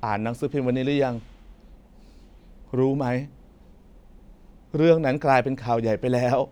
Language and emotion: Thai, sad